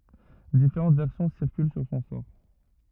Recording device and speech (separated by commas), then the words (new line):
rigid in-ear microphone, read sentence
Différentes versions circulent sur son sort.